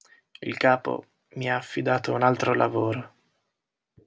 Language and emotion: Italian, sad